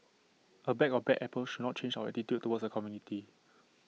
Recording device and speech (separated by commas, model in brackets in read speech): mobile phone (iPhone 6), read sentence